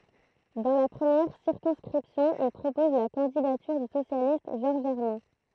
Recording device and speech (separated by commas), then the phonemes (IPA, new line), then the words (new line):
throat microphone, read sentence
dɑ̃ la pʁəmjɛʁ siʁkɔ̃skʁipsjɔ̃ il pʁopɔz la kɑ̃didatyʁ dy sosjalist ʒɔʁʒ ɛʁmɛ̃
Dans la première circonscription, il propose la candidature du socialiste Georges Hermin.